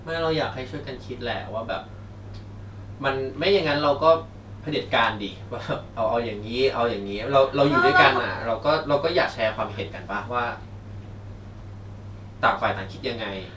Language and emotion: Thai, frustrated